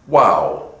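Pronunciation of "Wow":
'Wow' does not begin with an oo sound. It is said with an English W, not as 'ooow'.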